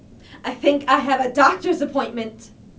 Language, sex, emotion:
English, female, fearful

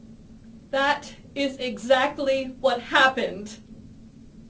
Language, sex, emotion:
English, female, sad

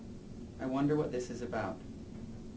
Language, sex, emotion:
English, male, neutral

